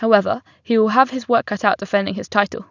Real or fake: real